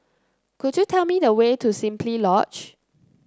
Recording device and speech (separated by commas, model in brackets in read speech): close-talking microphone (WH30), read sentence